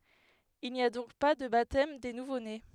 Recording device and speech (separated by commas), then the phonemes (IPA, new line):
headset microphone, read sentence
il ni a dɔ̃k pa də batɛm de nuvone